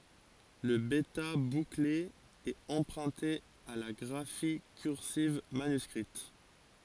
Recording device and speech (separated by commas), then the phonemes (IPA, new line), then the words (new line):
forehead accelerometer, read sentence
lə bɛta bukle ɛt ɑ̃pʁœ̃te a la ɡʁafi kyʁsiv manyskʁit
Le bêta bouclé est emprunté à la graphie cursive manuscrite.